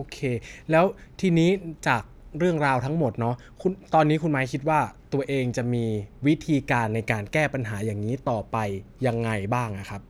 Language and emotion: Thai, frustrated